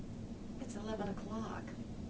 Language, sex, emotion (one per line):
English
female
neutral